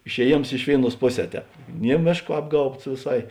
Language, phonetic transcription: Lithuanian, išeˈjėms ˈiš vėiˌnuos ˈpoˌsē ˈtēp ˈnie ˈmėšˌko ˈapgaubts vėˈsai

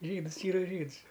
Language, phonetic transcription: Lithuanian, ˈžydɨs ˈyra ˈžyds

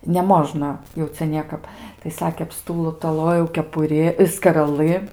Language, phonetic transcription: Lithuanian, neˈmožna jau ˈcia ˈniekap tai ˈsakė apˌstūtoˈlojau kepuˈri skaraˈlɨ

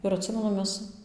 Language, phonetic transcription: Lithuanian, ir atˈsimenu ˈmes

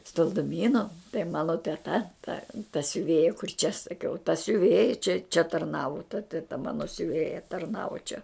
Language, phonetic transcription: Lithuanian, stalduˈmynu tai ˈmano teˈta ta ta siuˈvėja kur čia saˈkiau ta siuˈvėja čia čia tarˈnavu ta teˈta ˈmano siuˈvėja tarˈnavo čia

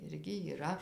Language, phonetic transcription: Lithuanian, ˈirgi yˈra

